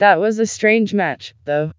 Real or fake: fake